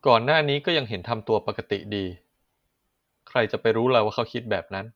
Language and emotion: Thai, neutral